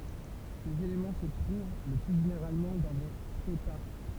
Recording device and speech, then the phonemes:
temple vibration pickup, read sentence
sez elemɑ̃ sə tʁuv lə ply ʒeneʁalmɑ̃ dɑ̃ de skɛjtpaʁk

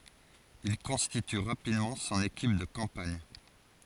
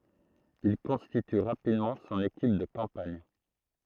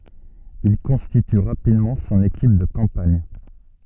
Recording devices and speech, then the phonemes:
forehead accelerometer, throat microphone, soft in-ear microphone, read sentence
il kɔ̃stity ʁapidmɑ̃ sɔ̃n ekip də kɑ̃paɲ

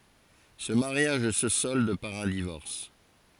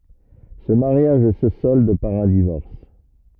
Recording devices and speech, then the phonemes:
forehead accelerometer, rigid in-ear microphone, read sentence
sə maʁjaʒ sə sɔld paʁ œ̃ divɔʁs

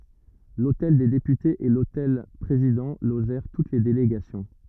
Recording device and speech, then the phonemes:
rigid in-ear microphone, read sentence
lotɛl de depytez e lotɛl pʁezidɑ̃ loʒɛʁ tut le deleɡasjɔ̃

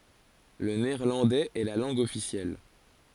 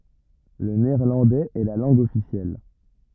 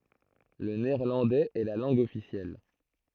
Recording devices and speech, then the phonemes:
forehead accelerometer, rigid in-ear microphone, throat microphone, read sentence
lə neɛʁlɑ̃dɛz ɛ la lɑ̃ɡ ɔfisjɛl

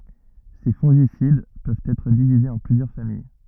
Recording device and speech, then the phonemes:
rigid in-ear microphone, read sentence
se fɔ̃ʒisid pøvt ɛtʁ divizez ɑ̃ plyzjœʁ famij

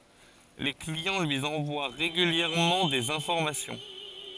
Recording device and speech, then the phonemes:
forehead accelerometer, read sentence
le kliɑ̃ lyi ɑ̃vwa ʁeɡyljɛʁmɑ̃ dez ɛ̃fɔʁmasjɔ̃

